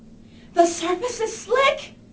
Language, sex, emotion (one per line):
English
female
fearful